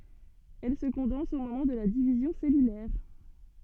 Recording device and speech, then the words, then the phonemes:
soft in-ear microphone, read sentence
Elle se condense au moment de la division cellulaire.
ɛl sə kɔ̃dɑ̃s o momɑ̃ də la divizjɔ̃ sɛlylɛʁ

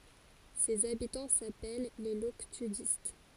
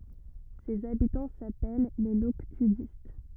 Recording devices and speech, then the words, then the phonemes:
forehead accelerometer, rigid in-ear microphone, read sentence
Ses habitants s'appellent les Loctudistes.
sez abitɑ̃ sapɛl le lɔktydist

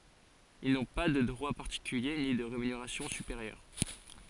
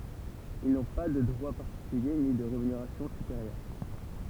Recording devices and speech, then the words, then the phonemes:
forehead accelerometer, temple vibration pickup, read sentence
Ils n’ont pas de droits particuliers ni de rémunération supérieure.
il nɔ̃ pa də dʁwa paʁtikylje ni də ʁemyneʁasjɔ̃ sypeʁjœʁ

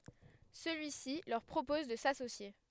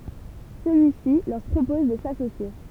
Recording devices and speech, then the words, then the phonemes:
headset microphone, temple vibration pickup, read sentence
Celui-ci leur propose de s'associer.
səlyisi lœʁ pʁopɔz də sasosje

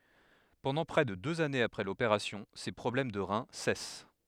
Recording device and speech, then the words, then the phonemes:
headset microphone, read sentence
Pendant près de deux années après l'opération, ses problèmes de rein cessent.
pɑ̃dɑ̃ pʁɛ də døz anez apʁɛ lopeʁasjɔ̃ se pʁɔblɛm də ʁɛ̃ sɛs

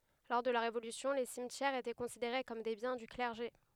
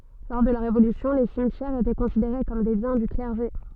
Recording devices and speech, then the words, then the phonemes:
headset microphone, soft in-ear microphone, read sentence
Lors de la Révolution, les cimetières étaient considérés comme des biens du clergé.
lɔʁ də la ʁevolysjɔ̃ le simtjɛʁz etɛ kɔ̃sideʁe kɔm de bjɛ̃ dy klɛʁʒe

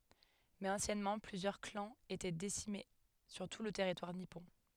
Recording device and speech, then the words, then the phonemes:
headset microphone, read sentence
Mais anciennement, plusieurs clans étaient disséminés sur tout le territoire nippon.
mɛz ɑ̃sjɛnmɑ̃ plyzjœʁ klɑ̃z etɛ disemine syʁ tu lə tɛʁitwaʁ nipɔ̃

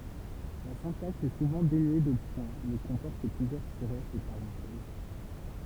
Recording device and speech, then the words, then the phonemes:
temple vibration pickup, read sentence
La syntaxe est souvent dénuée de points mais comporte plusieurs tirets et parenthèses.
la sɛ̃taks ɛ suvɑ̃ denye də pwɛ̃ mɛ kɔ̃pɔʁt plyzjœʁ tiʁɛz e paʁɑ̃tɛz

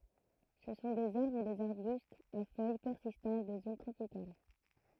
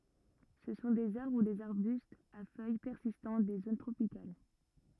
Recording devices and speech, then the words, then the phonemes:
throat microphone, rigid in-ear microphone, read sentence
Ce sont des arbres ou des arbustes à feuilles persistantes des zones tropicales.
sə sɔ̃ dez aʁbʁ u dez aʁbystz a fœj pɛʁsistɑ̃t de zon tʁopikal

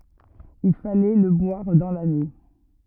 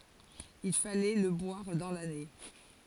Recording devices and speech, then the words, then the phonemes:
rigid in-ear microphone, forehead accelerometer, read sentence
Il fallait le boire dans l'année.
il falɛ lə bwaʁ dɑ̃ lane

